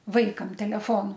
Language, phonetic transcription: Lithuanian, ˈvaikam teleˈfonu

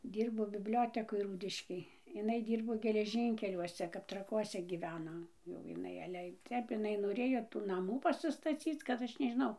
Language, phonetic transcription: Lithuanian, ˈdyrbo bibˈliotekoj ˈrūdiškėj iˈnai ˈdyrbo geleˈžynkeliuose kap traˈkuose gyˈveno jau jiˈnai ˈale ˈtep iˈnai noˈrėjo tų naˈmų pasistaˈcyc kad ˈaš nežiˈnau

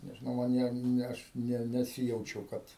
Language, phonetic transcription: Lithuanian, nežiˈnau man ˈjie ne ˈaš ˈne neˈsijaučiau ˈkad

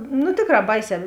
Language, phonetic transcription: Lithuanian, nu ˈtėkˌrā ˈbaiˌsē

